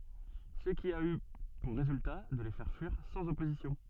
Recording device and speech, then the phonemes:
soft in-ear microphone, read sentence
sə ki a y puʁ ʁezylta də le fɛʁ fyiʁ sɑ̃z ɔpozisjɔ̃

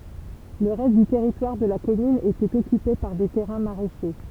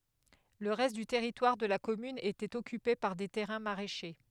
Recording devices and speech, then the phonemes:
temple vibration pickup, headset microphone, read sentence
lə ʁɛst dy tɛʁitwaʁ də la kɔmyn etɛt ɔkype paʁ de tɛʁɛ̃ maʁɛʃe

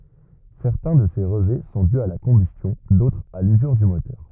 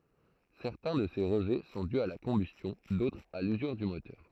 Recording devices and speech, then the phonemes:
rigid in-ear microphone, throat microphone, read sentence
sɛʁtɛ̃ də se ʁəʒɛ sɔ̃ dy a la kɔ̃bystjɔ̃ dotʁz a lyzyʁ dy motœʁ

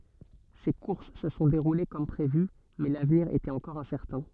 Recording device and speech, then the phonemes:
soft in-ear microphone, read sentence
se kuʁs sə sɔ̃ deʁule kɔm pʁevy mɛ lavniʁ etɛt ɑ̃kɔʁ ɛ̃sɛʁtɛ̃

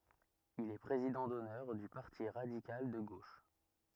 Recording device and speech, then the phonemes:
rigid in-ear microphone, read sentence
il ɛ pʁezidɑ̃ dɔnœʁ dy paʁti ʁadikal də ɡoʃ

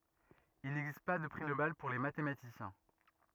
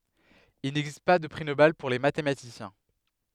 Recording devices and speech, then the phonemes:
rigid in-ear microphone, headset microphone, read sentence
il nɛɡzist pa də pʁi nobɛl puʁ le matematisjɛ̃

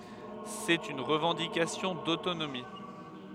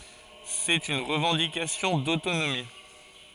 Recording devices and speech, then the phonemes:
headset microphone, forehead accelerometer, read sentence
sɛt yn ʁəvɑ̃dikasjɔ̃ dotonomi

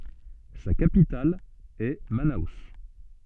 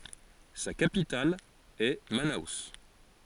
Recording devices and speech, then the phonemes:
soft in-ear microphone, forehead accelerometer, read sentence
sa kapital ɛ mano

